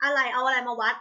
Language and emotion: Thai, angry